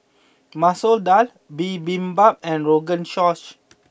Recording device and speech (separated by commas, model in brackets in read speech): boundary microphone (BM630), read sentence